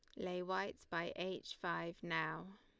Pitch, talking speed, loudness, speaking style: 180 Hz, 150 wpm, -43 LUFS, Lombard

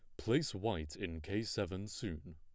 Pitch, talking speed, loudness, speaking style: 100 Hz, 165 wpm, -39 LUFS, plain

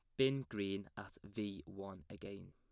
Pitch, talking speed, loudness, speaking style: 100 Hz, 155 wpm, -43 LUFS, plain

